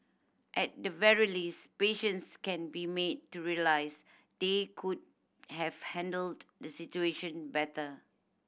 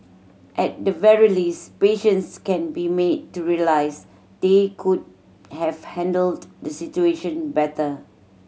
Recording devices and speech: boundary microphone (BM630), mobile phone (Samsung C7100), read sentence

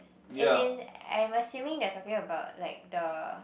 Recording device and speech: boundary microphone, conversation in the same room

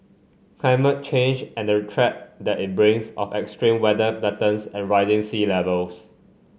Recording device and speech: mobile phone (Samsung C5), read sentence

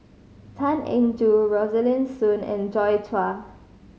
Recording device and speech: mobile phone (Samsung C5010), read sentence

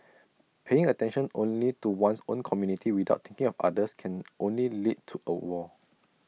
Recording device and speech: mobile phone (iPhone 6), read sentence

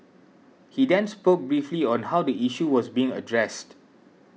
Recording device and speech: mobile phone (iPhone 6), read sentence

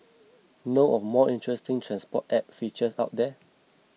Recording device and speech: mobile phone (iPhone 6), read sentence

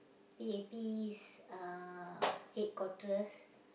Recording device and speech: boundary microphone, conversation in the same room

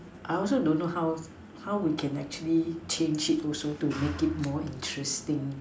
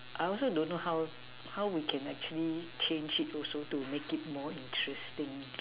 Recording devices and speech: standing microphone, telephone, conversation in separate rooms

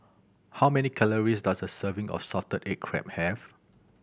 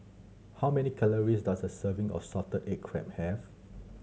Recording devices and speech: boundary microphone (BM630), mobile phone (Samsung C7100), read sentence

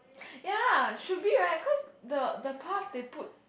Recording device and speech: boundary microphone, conversation in the same room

